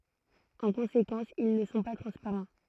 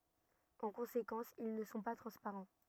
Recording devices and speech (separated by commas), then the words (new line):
throat microphone, rigid in-ear microphone, read sentence
En conséquence, ils ne sont pas transparents.